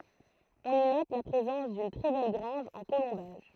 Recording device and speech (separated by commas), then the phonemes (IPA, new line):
throat microphone, read sentence
ɔ̃n i nɔt la pʁezɑ̃s dyn tʁɛ bɛl ɡʁɑ̃ʒ ɑ̃ kolɔ̃baʒ